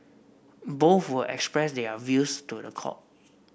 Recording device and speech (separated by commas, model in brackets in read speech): boundary microphone (BM630), read sentence